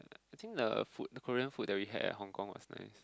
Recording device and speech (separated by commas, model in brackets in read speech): close-talking microphone, conversation in the same room